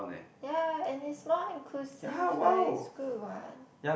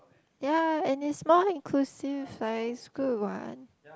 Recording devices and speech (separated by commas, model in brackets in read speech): boundary microphone, close-talking microphone, conversation in the same room